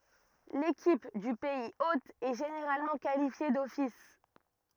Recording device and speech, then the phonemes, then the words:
rigid in-ear microphone, read sentence
lekip dy pɛiz ot ɛ ʒeneʁalmɑ̃ kalifje dɔfis
L'équipe du pays hôte est généralement qualifiée d'office.

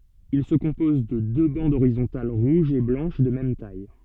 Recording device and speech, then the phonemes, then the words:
soft in-ear microphone, read sentence
il sə kɔ̃pɔz də dø bɑ̃dz oʁizɔ̃tal ʁuʒ e blɑ̃ʃ də mɛm taj
Il se compose de deux bandes horizontales rouge et blanche de même taille.

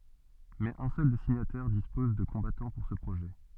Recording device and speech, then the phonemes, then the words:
soft in-ear microphone, read sentence
mɛz œ̃ sœl de siɲatɛʁ dispɔz də kɔ̃batɑ̃ puʁ sə pʁoʒɛ
Mais un seul des signataires dispose de combattants pour ce projet.

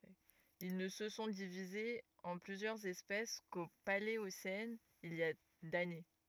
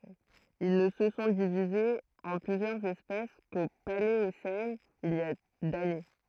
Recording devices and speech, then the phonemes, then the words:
rigid in-ear microphone, throat microphone, read sentence
il nə sə sɔ̃ divizez ɑ̃ plyzjœʁz ɛspɛs ko paleosɛn il i a dane
Ils ne se sont divisés en plusieurs espèces qu'au Paléocène, il y a d'années.

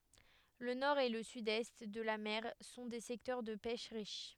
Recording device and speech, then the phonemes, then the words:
headset microphone, read sentence
lə nɔʁ e lə sydɛst də la mɛʁ sɔ̃ de sɛktœʁ də pɛʃ ʁiʃ
Le nord et le sud-est de la mer sont des secteurs de pêche riches.

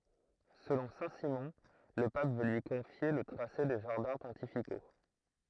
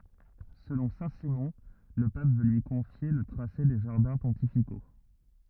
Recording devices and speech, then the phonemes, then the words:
throat microphone, rigid in-ear microphone, read sentence
səlɔ̃ sɛ̃tsimɔ̃ lə pap vø lyi kɔ̃fje lə tʁase de ʒaʁdɛ̃ pɔ̃tifiko
Selon Saint-Simon, le pape veut lui confier le tracé des jardins pontificaux.

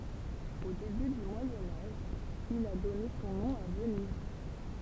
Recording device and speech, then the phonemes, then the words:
temple vibration pickup, read sentence
o deby dy mwajɛ̃ aʒ il a dɔne sɔ̃ nɔ̃ a vəniz
Au début du Moyen Âge, il a donné son nom à Venise.

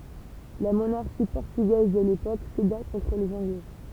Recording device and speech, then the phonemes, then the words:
temple vibration pickup, read sentence
la monaʁʃi pɔʁtyɡɛz də lepok seda kɔ̃tʁ lez ɑ̃ɡlɛ
La monarchie portugaise de l'époque céda contre les Anglais.

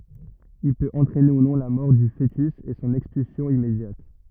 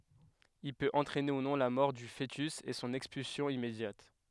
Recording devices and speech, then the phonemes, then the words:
rigid in-ear microphone, headset microphone, read sentence
il pøt ɑ̃tʁɛne u nɔ̃ la mɔʁ dy foətys e sɔ̃n ɛkspylsjɔ̃ immedjat
Il peut entraîner, ou non, la mort du fœtus et son expulsion immédiate.

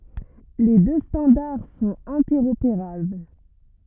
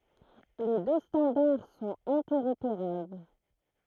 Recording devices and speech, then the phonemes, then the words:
rigid in-ear microphone, throat microphone, read sentence
le dø stɑ̃daʁ sɔ̃t ɛ̃tɛʁopeʁabl
Les deux standards sont interopérables.

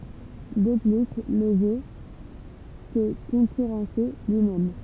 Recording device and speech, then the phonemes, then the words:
temple vibration pickup, read sentence
də ply lə ʒø sə kɔ̃kyʁɑ̃sɛ lyimɛm
De plus, le jeu se concurrençait lui-même.

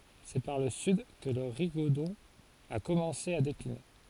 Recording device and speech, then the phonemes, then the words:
forehead accelerometer, read sentence
sɛ paʁ lə syd kə lə ʁiɡodɔ̃ a kɔmɑ̃se a dekline
C’est par le sud que le rigodon a commencé à décliner.

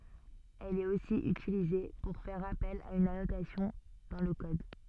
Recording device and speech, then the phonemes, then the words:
soft in-ear microphone, read sentence
ɛl ɛt osi ytilize puʁ fɛʁ apɛl a yn anotasjɔ̃ dɑ̃ lə kɔd
Elle est aussi utilisée pour faire appel à une annotation dans le code.

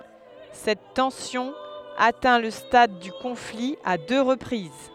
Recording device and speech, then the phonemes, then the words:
headset microphone, read sentence
sɛt tɑ̃sjɔ̃ atɛ̃ lə stad dy kɔ̃fli a dø ʁəpʁiz
Cette tension atteint le stade du conflit à deux reprises.

